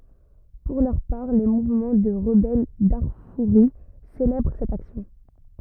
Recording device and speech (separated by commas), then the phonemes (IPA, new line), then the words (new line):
rigid in-ear microphone, read sentence
puʁ lœʁ paʁ le muvmɑ̃ də ʁəbɛl daʁfuʁi selɛbʁ sɛt aksjɔ̃
Pour leur part les mouvements de rebelles darfouris célèbrent cette action.